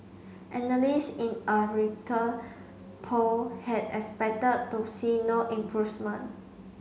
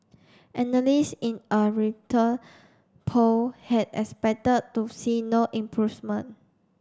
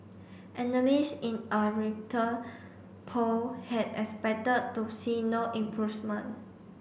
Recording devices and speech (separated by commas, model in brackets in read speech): mobile phone (Samsung C5), standing microphone (AKG C214), boundary microphone (BM630), read sentence